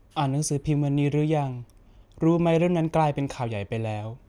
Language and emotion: Thai, neutral